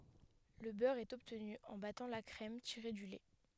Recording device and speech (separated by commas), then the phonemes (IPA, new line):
headset microphone, read sentence
lə bœʁ ɛt ɔbtny ɑ̃ batɑ̃ la kʁɛm tiʁe dy lɛ